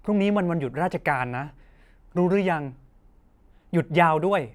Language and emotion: Thai, neutral